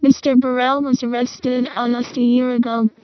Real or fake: fake